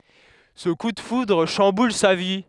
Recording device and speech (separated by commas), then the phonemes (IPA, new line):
headset microphone, read sentence
sə ku də fudʁ ʃɑ̃bul sa vi